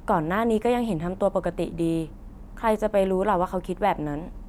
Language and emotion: Thai, neutral